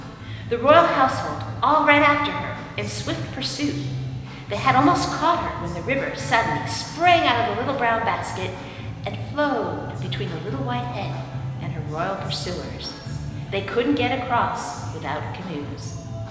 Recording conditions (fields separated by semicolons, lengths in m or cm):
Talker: one person; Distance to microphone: 1.7 m; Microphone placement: close; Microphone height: 1.0 m; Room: very reverberant, large; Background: music